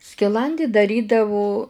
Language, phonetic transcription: Lithuanian, skiˈlandį daˈrydavu

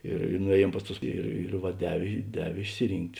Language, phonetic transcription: Lithuanian, ir i nuˈėˌjiem ˈpas ˌtus ˈir ir va ˈdevė ˈdevė išsiˈrynkt'

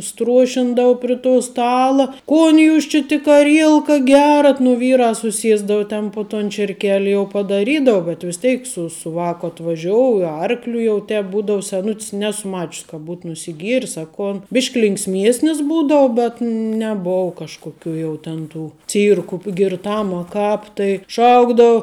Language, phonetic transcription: Lithuanian, ˈstruošindavu pri to ˈstala ˈkon jūs či tik aˈrielka ˈgerat nu ˈvyrā suˈsiesdau ˈten po ton čierˈkeli jau padaˈrydau bet vis ˈteik su su ˈvāku atvaˈžiouj i ˈarkliu jau ˈtep ˈbūdau seˈnut's' ˈnesu ˈmač's' ka ˈbūt nusiˈgieris a ˈkon ˈbyšk' linksˈmiesnis ˈbūdou bet neˈbuu ˈkažkuˌkių jeu tėn tų ˈcyrku girˈtam a ˈkāp tai ˈšaukdou

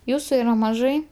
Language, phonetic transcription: Lithuanian, ˈjūsu yˈra maˈžai

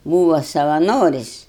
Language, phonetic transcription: Lithuanian, ˈbūva savaˈnoris'

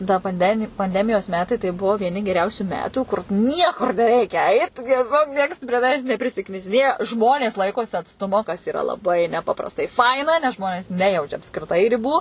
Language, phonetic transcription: Lithuanian, ta panˈdemi panˈdemijos ˈmetai tai ˈbuvo vieˈni geˈriausių ˈmetų kur ˈniekur neˈreikia ˈait tieˈsiog ˈnieks prie taˈvęs neprisiknisiˈnėja ˈžmonės ˈlaikosi atsˈtumo kas iˈra laˈbai neˈpaprastai ˈfaina nes ˈžmonės ˈnejaučia apskriˈtai riˈbų

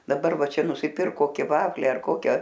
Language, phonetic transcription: Lithuanian, daˈbar ˈva ˈčia nusiˈpirk ˈkoki ˈvaflį ar ˈkokia

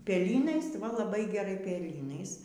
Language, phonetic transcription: Lithuanian, peˈlynais va laˈbai geˈrai peˈlynais

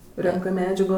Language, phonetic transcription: Lithuanian, ˈrenkɜ ˈmedžago

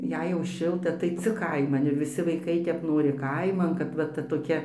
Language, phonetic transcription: Lithuanian, ˈjei jau ˈšilta tai ˈcik ˈkaiman ir viˈsi vaiˈkai tep ˈnori ˈkaiman kad va ˈta toˈkia

